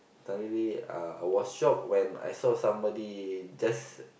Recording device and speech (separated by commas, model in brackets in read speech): boundary microphone, conversation in the same room